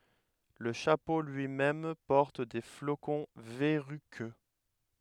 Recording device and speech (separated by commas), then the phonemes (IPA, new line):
headset microphone, read sentence
lə ʃapo lyimɛm pɔʁt de flokɔ̃ vɛʁykø